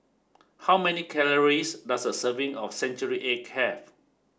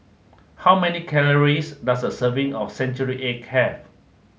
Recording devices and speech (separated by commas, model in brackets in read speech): standing microphone (AKG C214), mobile phone (Samsung S8), read sentence